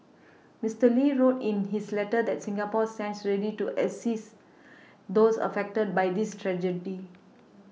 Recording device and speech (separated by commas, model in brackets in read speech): mobile phone (iPhone 6), read sentence